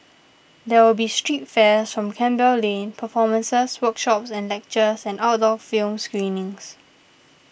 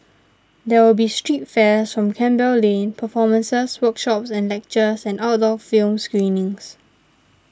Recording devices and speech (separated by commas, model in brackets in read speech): boundary microphone (BM630), standing microphone (AKG C214), read sentence